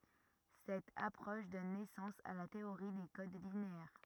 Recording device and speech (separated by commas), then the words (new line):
rigid in-ear microphone, read sentence
Cette approche donne naissance à la théorie des codes linéaires.